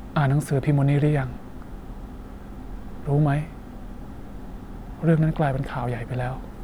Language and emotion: Thai, frustrated